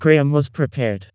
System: TTS, vocoder